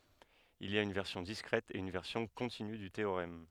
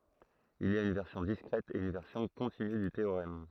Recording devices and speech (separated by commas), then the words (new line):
headset microphone, throat microphone, read sentence
Il y a une version discrète et une version continue du théorème.